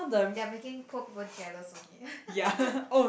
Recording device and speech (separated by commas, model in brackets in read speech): boundary microphone, conversation in the same room